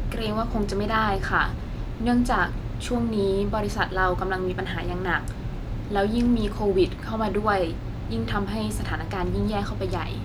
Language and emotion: Thai, neutral